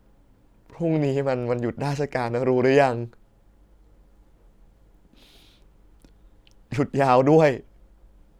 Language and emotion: Thai, sad